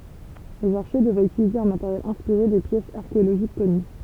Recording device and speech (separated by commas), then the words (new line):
temple vibration pickup, read sentence
Les archers devraient utiliser un matériel inspiré des pièces archéologiques connues.